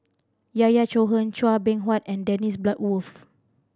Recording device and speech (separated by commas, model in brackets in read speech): standing microphone (AKG C214), read sentence